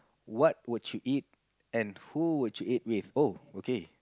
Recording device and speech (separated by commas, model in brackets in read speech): close-talking microphone, conversation in the same room